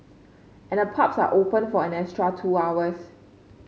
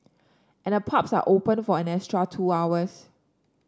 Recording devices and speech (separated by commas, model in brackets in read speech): mobile phone (Samsung C5), standing microphone (AKG C214), read sentence